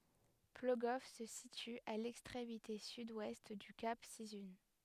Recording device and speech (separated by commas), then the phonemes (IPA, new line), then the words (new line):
headset microphone, read sentence
ploɡɔf sə sity a lɛkstʁemite syd wɛst dy kap sizœ̃
Plogoff se situe à l'extrémité sud-ouest du Cap Sizun.